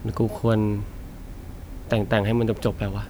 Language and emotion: Thai, frustrated